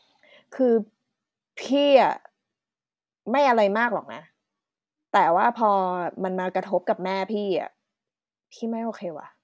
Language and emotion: Thai, frustrated